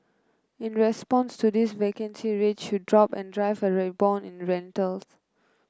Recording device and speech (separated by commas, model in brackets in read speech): close-talking microphone (WH30), read sentence